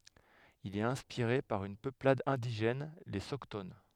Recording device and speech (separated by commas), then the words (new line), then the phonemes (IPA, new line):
headset microphone, read sentence
Il est inspiré par une peuplade indigène, les Soctones.
il ɛt ɛ̃spiʁe paʁ yn pøplad ɛ̃diʒɛn le sɔkton